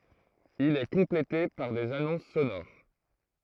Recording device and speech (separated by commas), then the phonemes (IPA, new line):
throat microphone, read sentence
il ɛ kɔ̃plete paʁ dez anɔ̃s sonoʁ